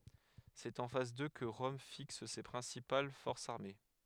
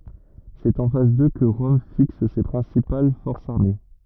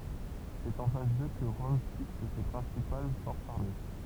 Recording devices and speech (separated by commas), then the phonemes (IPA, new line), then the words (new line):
headset microphone, rigid in-ear microphone, temple vibration pickup, read sentence
sɛt ɑ̃ fas dø kə ʁɔm fiks se pʁɛ̃sipal fɔʁsz aʁme
C'est en face d'eux que Rome fixe ses principales forces armées.